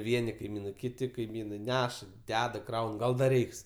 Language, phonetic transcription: Lithuanian, ˈvieni kaiˈmynai ˈkiti kaiˈmynai ˈneša ˈdeda ˈkraun ˈgal ˈdar ˈreiks

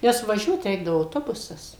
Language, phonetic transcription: Lithuanian, ˈnes vaˈžiuot ˈreikdavo auˈtobusas

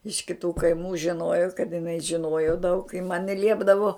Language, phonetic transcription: Lithuanian, iš kiˈtų kaiˈmų žiˈnojo kad jiˈnai žiˈnojo daug i man ji ˈliepdavo

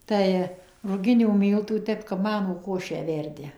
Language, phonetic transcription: Lithuanian, ˈtai ruˈginių ˈmyltų ˈtep kap ˈmanų ˈkošę ˈverdi

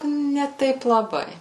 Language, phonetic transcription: Lithuanian, ne ˈtaip laˈbai

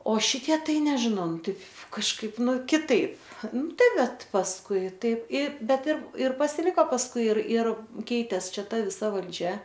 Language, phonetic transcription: Lithuanian, o ˈšitie ˈtai nežiˈnau ˈtaip kažˈkaip ˈnu kiˈtaip ˈnu ˈtai ˈbet pasˈkui ˈtaip i ˈbet ir ir pasiˈliko pasˈkui ir ir ˈkeitės ˈčia ˈta viˈsa valˈdžia

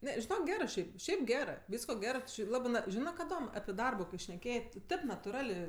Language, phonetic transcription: Lithuanian, ˈne žiˈnok ˈgerɜ ˈšiaip ˈšiaip ˈgerɜ ˈvysko ˈgerɜ tu ˈči ˈlabɜ ˈna ˈžinɜ kaˈdom api ˈdarbo šneˈkėjė tu ˈtėp natuˈralė

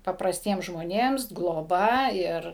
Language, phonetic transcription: Lithuanian, paprasˈtiems žmoˈnėms gloˈba ˈir

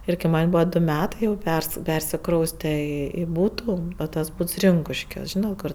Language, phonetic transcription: Lithuanian, ˈir kai ˈman' ˈbūva ˈdu ˈmetai jau pers ˈpersikrauste i i ˈbūtu tas ˈbūts ˈrinkuškiuos ˈžynat ˈkur

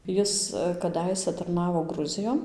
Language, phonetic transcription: Lithuanian, ˈjis kaˈdaisæ tarˈnavo ˈgruzijon

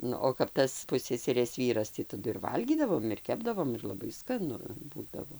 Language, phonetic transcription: Lithuanian, ˈnu o kap ˈtas ˈpusseserės ˈvyras tį taˈdu ir ˈvalgydavom ir ˈkepdavom ir laˈbai skaˈnu ˈbūdavo

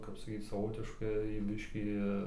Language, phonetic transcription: Lithuanian, kap saˈkyc saˈvotiškai ˈbiškį

